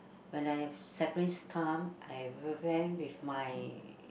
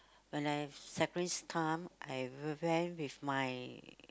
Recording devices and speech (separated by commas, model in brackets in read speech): boundary microphone, close-talking microphone, conversation in the same room